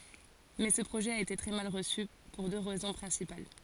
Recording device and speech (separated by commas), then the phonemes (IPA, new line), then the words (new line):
forehead accelerometer, read sentence
mɛ sə pʁoʒɛ a ete tʁɛ mal ʁəsy puʁ dø ʁɛzɔ̃ pʁɛ̃sipal
Mais ce projet a été très mal reçu, pour deux raisons principales.